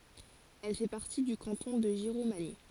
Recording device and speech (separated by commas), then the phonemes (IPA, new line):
forehead accelerometer, read sentence
ɛl fɛ paʁti dy kɑ̃tɔ̃ də ʒiʁomaɲi